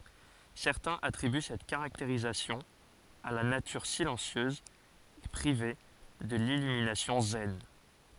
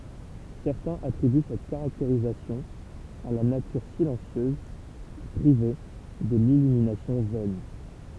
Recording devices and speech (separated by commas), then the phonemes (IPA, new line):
forehead accelerometer, temple vibration pickup, read sentence
sɛʁtɛ̃z atʁiby sɛt kaʁakteʁistik a la natyʁ silɑ̃sjøz e pʁive də lilyminasjɔ̃ zɛn